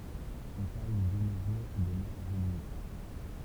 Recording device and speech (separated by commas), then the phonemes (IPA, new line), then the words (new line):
temple vibration pickup, read sentence
ɔ̃ paʁl də no ʒuʁ də mas volymik
On parle de nos jours de masse volumique.